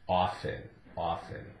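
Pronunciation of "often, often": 'Often' is said twice, both times with a silent t.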